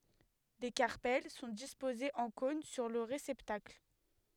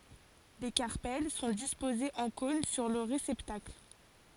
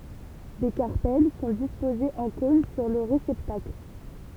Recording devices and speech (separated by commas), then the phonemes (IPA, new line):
headset microphone, forehead accelerometer, temple vibration pickup, read sentence
le kaʁpɛl sɔ̃ dispozez ɑ̃ kɔ̃n syʁ lə ʁesɛptakl